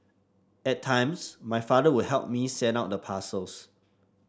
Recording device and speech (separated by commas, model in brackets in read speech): standing microphone (AKG C214), read sentence